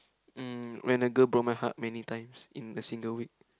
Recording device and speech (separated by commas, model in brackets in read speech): close-talking microphone, conversation in the same room